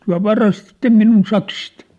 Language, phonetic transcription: Finnish, tyä̭ "varastitte minun 'saksit ! «
- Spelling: te varastitte minun sakset

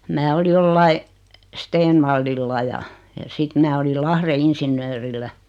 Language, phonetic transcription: Finnish, 'mää oli 'joliai , "Steenvallilla ja , ja 'sit mää olil 'Lahre 'insinnöörillä .
- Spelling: minä olin jollakin Stenvallilla ja ja sitten minä olin Lahden insinöörillä

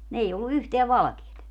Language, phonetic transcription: Finnish, ni 'ei ollu 'yhteä "valᵃkeet .
- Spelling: niin ei ollut yhtään valkeaa

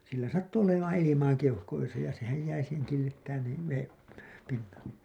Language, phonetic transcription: Finnish, sillä "sattu 'olemaan 'ilimaa 'keuhkoisa ja sehäj jäi siiheŋ killittään nii , 'veem , pinnalle .
- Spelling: sillä sattui olemaan ilmaa keuhkoissa ja sehän jäi siihen killittämään niin veden pinnalle

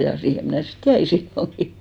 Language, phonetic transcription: Finnish, ja 'siihe mnä̀ sit "jäi 'silloŋki .
- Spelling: ja siihen minä sitten jäin silloinkin

